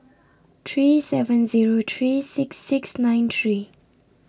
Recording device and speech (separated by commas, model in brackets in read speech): standing microphone (AKG C214), read sentence